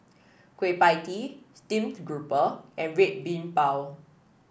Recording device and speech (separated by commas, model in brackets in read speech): boundary microphone (BM630), read sentence